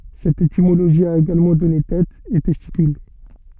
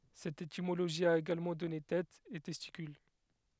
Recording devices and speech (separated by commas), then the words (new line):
soft in-ear microphone, headset microphone, read sentence
Cette étymologie a également donné têt, et testicule.